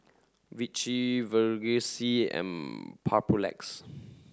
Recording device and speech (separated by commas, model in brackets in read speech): standing microphone (AKG C214), read sentence